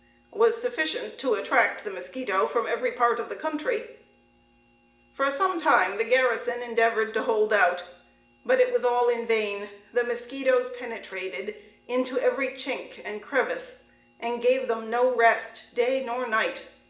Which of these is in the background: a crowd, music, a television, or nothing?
Nothing.